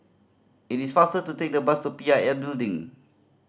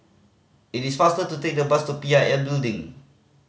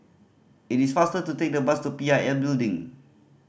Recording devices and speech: standing microphone (AKG C214), mobile phone (Samsung C5010), boundary microphone (BM630), read sentence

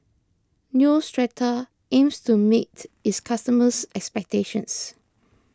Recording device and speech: close-talking microphone (WH20), read sentence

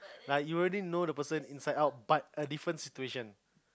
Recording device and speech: close-talking microphone, conversation in the same room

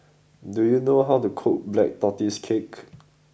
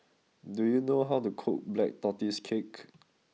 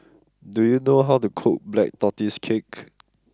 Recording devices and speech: boundary microphone (BM630), mobile phone (iPhone 6), close-talking microphone (WH20), read sentence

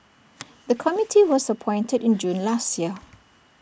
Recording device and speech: boundary microphone (BM630), read sentence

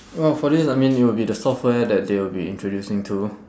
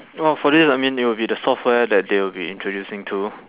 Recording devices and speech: standing microphone, telephone, conversation in separate rooms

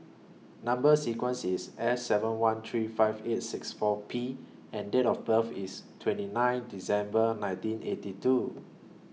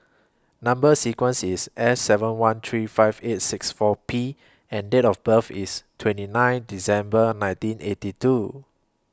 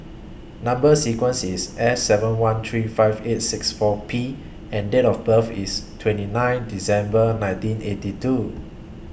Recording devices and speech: mobile phone (iPhone 6), close-talking microphone (WH20), boundary microphone (BM630), read sentence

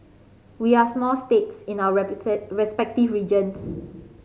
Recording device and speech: mobile phone (Samsung C5010), read sentence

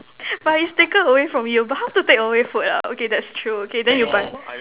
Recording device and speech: telephone, conversation in separate rooms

